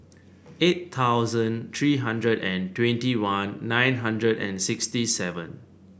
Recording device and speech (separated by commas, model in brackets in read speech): boundary microphone (BM630), read sentence